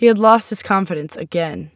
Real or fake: real